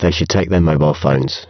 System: VC, spectral filtering